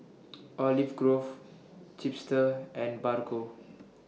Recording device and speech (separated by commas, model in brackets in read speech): mobile phone (iPhone 6), read sentence